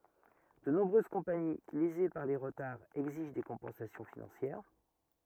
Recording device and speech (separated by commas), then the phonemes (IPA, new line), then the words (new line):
rigid in-ear microphone, read sentence
də nɔ̃bʁøz kɔ̃pani leze paʁ le ʁətaʁz ɛɡziʒ de kɔ̃pɑ̃sasjɔ̃ finɑ̃sjɛʁ
De nombreuses compagnies, lésées par les retards, exigent des compensations financières.